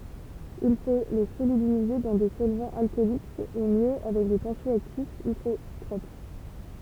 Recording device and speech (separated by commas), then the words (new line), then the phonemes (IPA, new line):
temple vibration pickup, read sentence
Il faut les solubiliser dans des solvants alcooliques ou mieux avec des tensio-actifs hydrotropes.
il fo le solybilize dɑ̃ de sɔlvɑ̃z alkɔlik u mjø avɛk de tɑ̃sjɔaktifz idʁotʁop